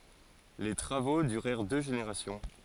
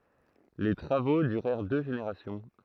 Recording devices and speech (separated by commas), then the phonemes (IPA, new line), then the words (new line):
forehead accelerometer, throat microphone, read sentence
le tʁavo dyʁɛʁ dø ʒeneʁasjɔ̃
Les travaux durèrent deux générations.